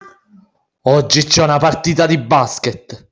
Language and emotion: Italian, angry